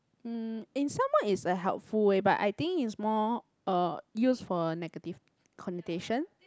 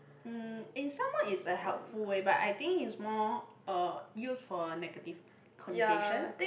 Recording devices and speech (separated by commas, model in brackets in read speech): close-talking microphone, boundary microphone, conversation in the same room